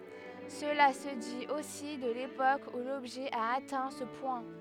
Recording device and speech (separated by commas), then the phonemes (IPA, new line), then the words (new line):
headset microphone, read sentence
səla sə dit osi də lepok u lɔbʒɛ a atɛ̃ sə pwɛ̃
Cela se dit aussi de l'époque où l'objet a atteint ce point.